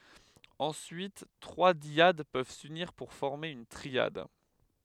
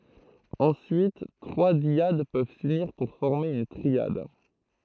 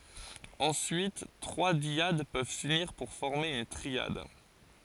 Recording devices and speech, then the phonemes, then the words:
headset microphone, throat microphone, forehead accelerometer, read sentence
ɑ̃syit tʁwa djad pøv syniʁ puʁ fɔʁme yn tʁiad
Ensuite, trois dyades peuvent s’unir pour former une triade.

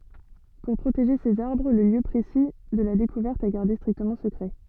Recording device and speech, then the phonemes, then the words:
soft in-ear microphone, read sentence
puʁ pʁoteʒe sez aʁbʁ lə ljø pʁesi də la dekuvɛʁt ɛ ɡaʁde stʁiktəmɑ̃ səkʁɛ
Pour protéger ces arbres, le lieu précis de la découverte est gardé strictement secret.

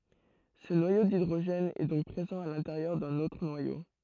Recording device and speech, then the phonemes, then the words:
throat microphone, read sentence
sə nwajo didʁoʒɛn ɛ dɔ̃k pʁezɑ̃ a lɛ̃teʁjœʁ dœ̃n otʁ nwajo
Ce noyau d'hydrogène est donc présent à l'intérieur d'un autre noyau.

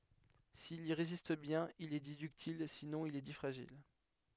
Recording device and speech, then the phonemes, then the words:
headset microphone, read sentence
sil i ʁezist bjɛ̃n il ɛ di dyktil sinɔ̃ il ɛ di fʁaʒil
S'il y résiste bien, il est dit ductile, sinon il est dit fragile.

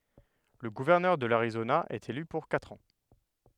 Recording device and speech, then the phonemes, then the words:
headset microphone, read sentence
lə ɡuvɛʁnœʁ də laʁizona ɛt ely puʁ katʁ ɑ̃
Le gouverneur de l'Arizona est élu pour quatre ans.

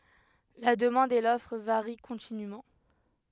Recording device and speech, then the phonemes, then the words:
headset microphone, read sentence
la dəmɑ̃d e lɔfʁ vaʁi kɔ̃tinym
La demande et l'offre varient continûment.

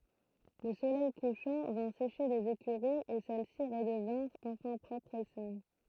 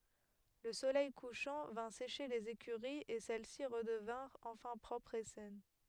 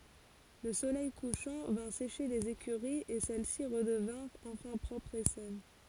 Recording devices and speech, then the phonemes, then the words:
throat microphone, headset microphone, forehead accelerometer, read sentence
lə solɛj kuʃɑ̃ vɛ̃ seʃe lez ekyʁiz e sɛlɛsi ʁədəvɛ̃ʁt ɑ̃fɛ̃ pʁɔpʁz e sɛn
Le soleil couchant vint sécher les écuries et celles-ci redevinrent enfin propres et saines.

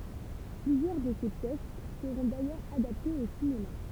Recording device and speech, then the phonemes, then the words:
temple vibration pickup, read sentence
plyzjœʁ də se pjɛs səʁɔ̃ dajœʁz adaptez o sinema
Plusieurs de ses pièces seront d'ailleurs adaptées au cinéma.

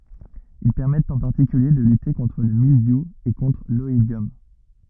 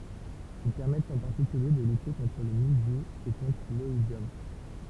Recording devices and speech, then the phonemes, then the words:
rigid in-ear microphone, temple vibration pickup, read sentence
il pɛʁmɛtt ɑ̃ paʁtikylje də lyte kɔ̃tʁ lə mildju e kɔ̃tʁ lɔidjɔm
Ils permettent en particulier de lutter contre le mildiou et contre l'oïdium.

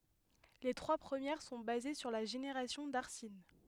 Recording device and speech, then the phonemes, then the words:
headset microphone, read sentence
le tʁwa pʁəmjɛʁ sɔ̃ baze syʁ la ʒeneʁasjɔ̃ daʁsin
Les trois premières sont basées sur la génération d’arsine.

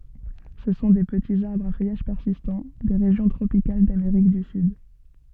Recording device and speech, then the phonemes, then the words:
soft in-ear microphone, read sentence
sə sɔ̃ de pətiz aʁbʁz a fœjaʒ pɛʁsistɑ̃ de ʁeʒjɔ̃ tʁopikal dameʁik dy syd
Ce sont des petits arbres à feuillage persistant, des régions tropicales d'Amérique du Sud.

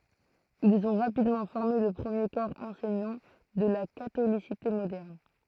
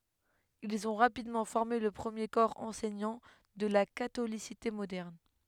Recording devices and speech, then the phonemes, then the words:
throat microphone, headset microphone, read sentence
ilz ɔ̃ ʁapidmɑ̃ fɔʁme lə pʁəmje kɔʁ ɑ̃sɛɲɑ̃ də la katolisite modɛʁn
Ils ont rapidement formé le premier corps enseignant de la catholicité moderne.

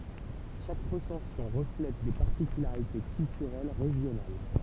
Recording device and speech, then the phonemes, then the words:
temple vibration pickup, read sentence
ʃak ʁəsɑ̃sjɔ̃ ʁəflɛt de paʁtikylaʁite kyltyʁɛl ʁeʒjonal
Chaque recension reflète des particularités culturelles régionales.

